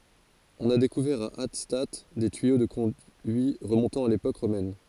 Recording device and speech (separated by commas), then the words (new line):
forehead accelerometer, read sentence
On a découvert à Hattstatt des tuyaux de conduits remontant à l'époque romaine.